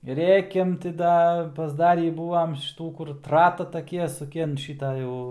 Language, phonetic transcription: Lithuanian, ˈrėkiam ti ˈda pasˈdarį ˈbūvam šiˈtų kur ˈtrata taˈkie suˈki an ˈšita ˈjau

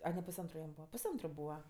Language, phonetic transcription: Lithuanian, a ne pusˈantru jam ˈbūva pusˈantru ˈbūva

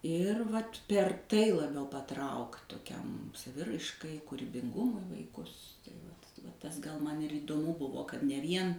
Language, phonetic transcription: Lithuanian, ˈir vat per ˈtai laˈbiau paˈtraukt toˈkiam saˈviraiškai kūribinˈgumui vaiˈkus tai ˈvat va ˈtas gal ˈman įdoˈmu ˈbuvo kad ne ˈvien

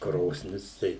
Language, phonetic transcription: Lithuanian, ˈkrosnis ˈtai

